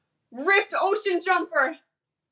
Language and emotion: English, fearful